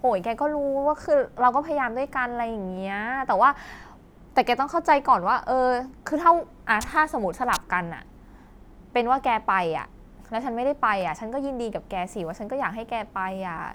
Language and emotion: Thai, frustrated